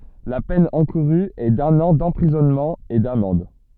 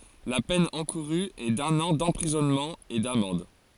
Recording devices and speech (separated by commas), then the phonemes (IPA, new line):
soft in-ear microphone, forehead accelerometer, read sentence
la pɛn ɑ̃kuʁy ɛ dœ̃n ɑ̃ dɑ̃pʁizɔnmɑ̃ e damɑ̃d